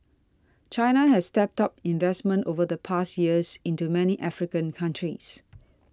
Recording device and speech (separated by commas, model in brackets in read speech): standing microphone (AKG C214), read sentence